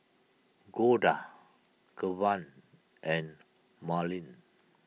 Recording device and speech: mobile phone (iPhone 6), read sentence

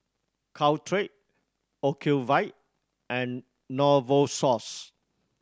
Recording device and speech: standing microphone (AKG C214), read sentence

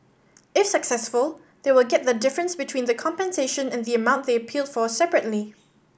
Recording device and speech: boundary microphone (BM630), read sentence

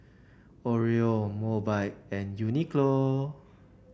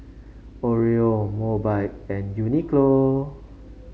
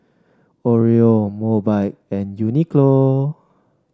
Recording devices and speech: boundary microphone (BM630), mobile phone (Samsung C5), standing microphone (AKG C214), read sentence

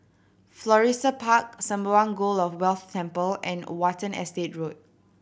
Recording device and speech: boundary microphone (BM630), read sentence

